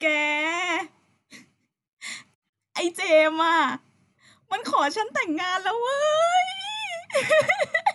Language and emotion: Thai, happy